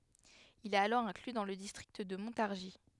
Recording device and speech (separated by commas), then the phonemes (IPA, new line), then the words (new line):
headset microphone, read sentence
il ɛt alɔʁ ɛ̃kly dɑ̃ lə distʁikt də mɔ̃taʁʒi
Il est alors inclus dans le district de Montargis.